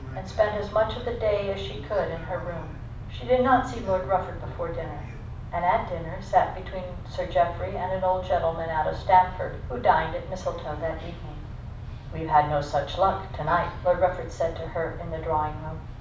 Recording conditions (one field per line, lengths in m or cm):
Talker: one person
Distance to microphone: 5.8 m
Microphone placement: far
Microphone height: 1.8 m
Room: medium-sized (5.7 m by 4.0 m)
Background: television